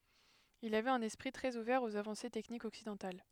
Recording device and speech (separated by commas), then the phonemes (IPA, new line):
headset microphone, read sentence
il avɛt œ̃n ɛspʁi tʁɛz uvɛʁ oz avɑ̃se tɛknikz ɔksidɑ̃tal